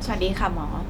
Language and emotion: Thai, neutral